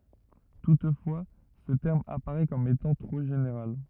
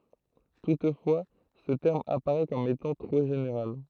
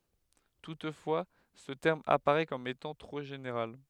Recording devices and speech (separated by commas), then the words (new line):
rigid in-ear microphone, throat microphone, headset microphone, read sentence
Toutefois, ce terme apparait comme étant trop général.